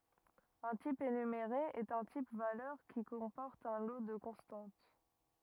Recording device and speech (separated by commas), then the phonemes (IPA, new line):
rigid in-ear microphone, read sentence
œ̃ tip enymeʁe ɛt œ̃ tip valœʁ ki kɔ̃pɔʁt œ̃ lo də kɔ̃stɑ̃t